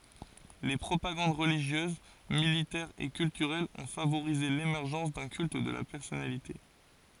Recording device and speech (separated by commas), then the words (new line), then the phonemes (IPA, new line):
forehead accelerometer, read sentence
Les propagandes religieuse, militaire et culturelle ont favorisé l'émergence d'un culte de la personnalité.
le pʁopaɡɑ̃d ʁəliʒjøz militɛʁ e kyltyʁɛl ɔ̃ favoʁize lemɛʁʒɑ̃s dœ̃ kylt də la pɛʁsɔnalite